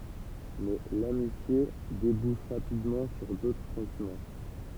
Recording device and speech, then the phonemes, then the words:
temple vibration pickup, read sentence
mɛ lamitje debuʃ ʁapidmɑ̃ syʁ dotʁ sɑ̃timɑ̃
Mais l'amitié débouche rapidement sur d'autres sentiments.

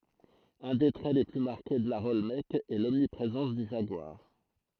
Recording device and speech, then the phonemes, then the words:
throat microphone, read sentence
œ̃ de tʁɛ le ply maʁke də laʁ ɔlmɛk ɛ lɔmnipʁezɑ̃s dy ʒaɡwaʁ
Un des traits les plus marqués de l'art olmèque est l'omniprésence du jaguar.

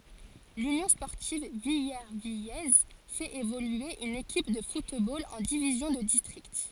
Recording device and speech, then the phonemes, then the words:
forehead accelerometer, read sentence
lynjɔ̃ spɔʁtiv vilɛʁvijɛz fɛt evolye yn ekip də futbol ɑ̃ divizjɔ̃ də distʁikt
L'Union sportive villervillaise fait évoluer une équipe de football en division de district.

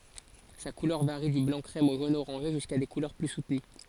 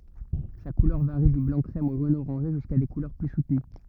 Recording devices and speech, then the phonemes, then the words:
forehead accelerometer, rigid in-ear microphone, read sentence
sa kulœʁ vaʁi dy blɑ̃ kʁɛm o ʒon oʁɑ̃ʒe ʒyska de kulœʁ ply sutəny
Sa couleur varie du blanc-crème au jaune-orangé, jusqu'à des couleurs plus soutenues.

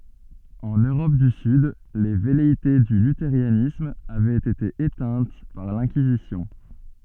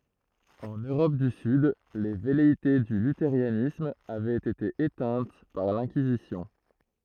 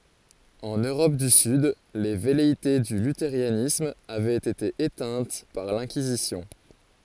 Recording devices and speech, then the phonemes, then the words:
soft in-ear microphone, throat microphone, forehead accelerometer, read sentence
ɑ̃n øʁɔp dy syd le vɛleite dy lyteʁanism avɛt ete etɛ̃t paʁ lɛ̃kizisjɔ̃
En Europe du Sud, les velléités du luthéranisme avaient été éteintes par l'Inquisition.

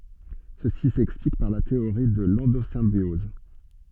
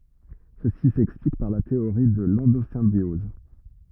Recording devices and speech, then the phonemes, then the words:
soft in-ear microphone, rigid in-ear microphone, read sentence
səsi sɛksplik paʁ la teoʁi də lɑ̃dozɛ̃bjɔz
Ceci s'explique par la théorie de l'endosymbiose.

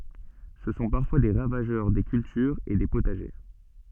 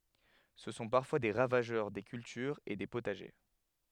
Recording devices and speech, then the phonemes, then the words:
soft in-ear microphone, headset microphone, read sentence
sə sɔ̃ paʁfwa de ʁavaʒœʁ de kyltyʁz e de potaʒe
Ce sont parfois des ravageurs des cultures et des potagers.

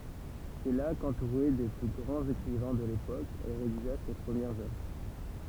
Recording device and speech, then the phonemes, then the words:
temple vibration pickup, read sentence
sɛ la kɑ̃tuʁe de ply ɡʁɑ̃z ekʁivɛ̃ də lepok ɛl ʁediʒa se pʁəmjɛʁz œvʁ
C’est là, qu’entourée des plus grands écrivains de l’époque, elle rédigea ses premières œuvres.

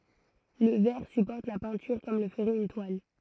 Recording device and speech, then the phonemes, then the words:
throat microphone, read sentence
lə vɛʁ sypɔʁt la pɛ̃tyʁ kɔm lə fəʁɛt yn twal
Le verre supporte la peinture comme le ferait une toile.

